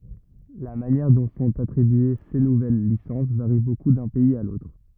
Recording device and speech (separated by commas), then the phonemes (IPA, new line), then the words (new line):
rigid in-ear microphone, read sentence
la manjɛʁ dɔ̃ sɔ̃t atʁibye se nuvɛl lisɑ̃s vaʁi boku dœ̃ pɛiz a lotʁ
La manière dont sont attribuées ces nouvelles licences varie beaucoup d’un pays à l’autre.